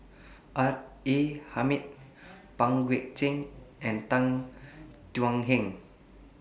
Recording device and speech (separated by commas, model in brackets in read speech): boundary microphone (BM630), read sentence